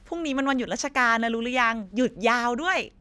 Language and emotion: Thai, happy